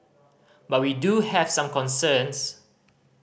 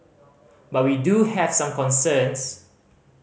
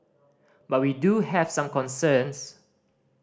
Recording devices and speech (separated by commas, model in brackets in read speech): boundary microphone (BM630), mobile phone (Samsung C5010), standing microphone (AKG C214), read sentence